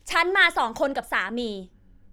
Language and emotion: Thai, angry